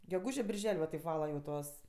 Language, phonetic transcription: Lithuanian, geˈgūžė birˈžel' va teip ˈvala jau ˈtuos

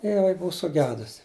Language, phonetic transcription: Lithuanian, ir jiˈnai ˈbuu suˈgedusi

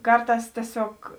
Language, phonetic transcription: Lithuanian, ˈkarˌtās tieˈsiog

